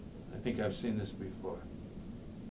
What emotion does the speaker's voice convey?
neutral